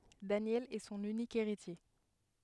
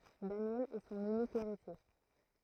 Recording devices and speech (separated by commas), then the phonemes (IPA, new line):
headset microphone, throat microphone, read sentence
danjɛl ɛ sɔ̃n ynik eʁitje